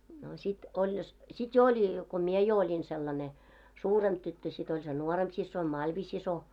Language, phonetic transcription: Finnish, no sit 'oĺ jos , 'sit jo 'oĺi , ko "mie jo oĺin 'sellane , "suuremʙ 'tyttö sit ‿oĺ se "nuoremp 'sissoin "Malvi'siso .
- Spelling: no sitten oli jos sitten jo oli kun minä jo olin sellainen suurempi tyttö sitten oli se nuorempi siskoni Malvi-sisko

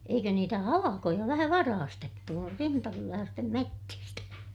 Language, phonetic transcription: Finnish, eikö niitä halakoja vähä varaastettu (nuor-) rintakyläästem mettistä .
- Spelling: eikö niitä halkoja vähän varastettu - rintakyläisten metsistä

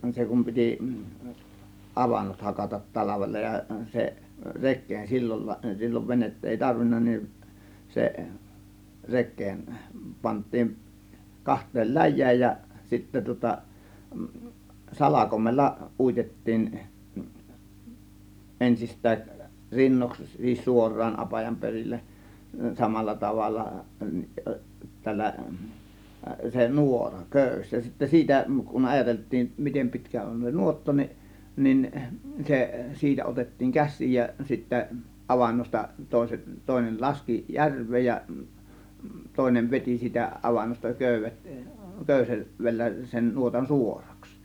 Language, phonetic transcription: Finnish, 'se kum 'pitì , "ˀavannot 'hakatat "talavella ja , se , 'rek̆keen 'sillon , 'sil͕l͕ov "venett ‿èi "tarvinna nin , se 'rek̆keen , 'pant̆tiin , 'kaht̆teel "läj̆jääj jä , 'sittä tŭŏta , "salakomella 'uitet̀tiin , 'ˀensist̆tääˀ , 'rinnoks , sis "suor̆raan 'apajam 'perilleˀ , 'samalla 'tavalla , 'tällä , se "nuora , "kö̀ys , ja sittä "siitä kun 'ajatelt̆tiim "mitem 'pi̬tkä on se "nuotta ni , 'nin , 'se , "siitä otettiiŋ "käs̆siij ja sittä 'avannosta 'tòėset , tòėnel 'laski "järv̆veej ja , 'tòėnev 'vet͕i siitä 'avannosta "kö̀yv̆vet , "kö̀yse- , -vellä sen 'nuotan "suoraks .
- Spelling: se kun piti avannot hakata talvella ja se rekeen silloin silloin venettä ei tarvinnut niin se rekeen pantiin kahteen läjään ja sitten tuota salkoimella uitettiin ensistään rinnoiksi - suoraan apajan perille samalla tavalla tällä se nuora köysi ja sitten siitä kun ajateltiin miten pitkä on se nuotta niin niin se siitä otettiin käsiin ja sitten avannosta toiset toinen laski järveen ja toinen veti siitä avannosta köydet - köydellä sen nuotan suoraksi

